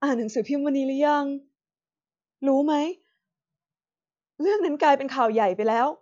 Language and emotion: Thai, sad